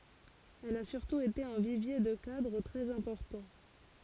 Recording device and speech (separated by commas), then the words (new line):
forehead accelerometer, read sentence
Elle a surtout été un vivier de cadres très importants.